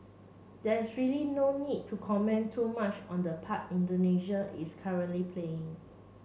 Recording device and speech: mobile phone (Samsung C7), read sentence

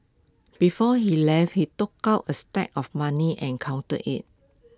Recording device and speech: close-talking microphone (WH20), read sentence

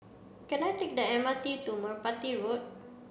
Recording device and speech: boundary microphone (BM630), read sentence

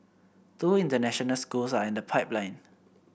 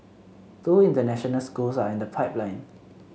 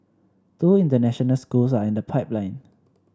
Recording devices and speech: boundary microphone (BM630), mobile phone (Samsung C7), standing microphone (AKG C214), read sentence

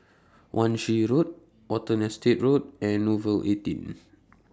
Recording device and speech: standing microphone (AKG C214), read sentence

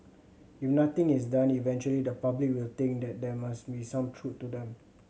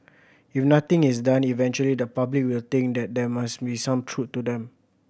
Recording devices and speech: mobile phone (Samsung C7100), boundary microphone (BM630), read sentence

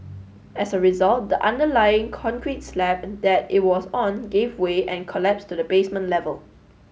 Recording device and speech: mobile phone (Samsung S8), read sentence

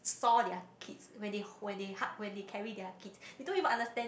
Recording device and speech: boundary microphone, conversation in the same room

